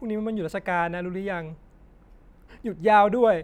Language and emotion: Thai, sad